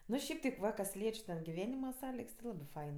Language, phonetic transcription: Lithuanian, ˈnu ˈšiaip teip ˈva kas ˈlieč' ten giˈvenima ˈsąligs ti ˈlabɜ ˈfain

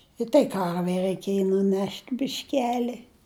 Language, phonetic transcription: Lithuanian, i tai ˈkarvei raiˈkėji nuˈnešt' bišˈkeli

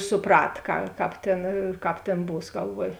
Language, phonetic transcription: Lithuanian, suˈprat ka ˈkāp tėn ˈkāp tėn ˈbūs galˈvuoj

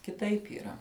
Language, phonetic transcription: Lithuanian, kiˈtaip yˈra

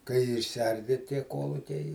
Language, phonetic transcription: Lithuanian, kai išsiˈardi tie ˈkuolukiai

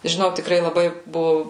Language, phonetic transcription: Lithuanian, žiˈnau tikˈrai laˈbai ˈbuvu

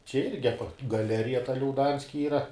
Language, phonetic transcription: Lithuanian, čia ˈirgi aˈpa gaˈlerija ta liauˈdanski ˈyra

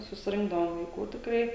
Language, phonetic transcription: Lithuanian, susiˈrinkdavom vaiˈkų tikˈrai

